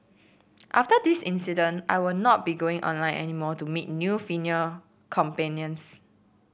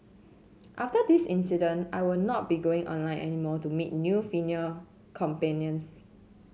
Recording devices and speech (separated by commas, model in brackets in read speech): boundary microphone (BM630), mobile phone (Samsung C7), read sentence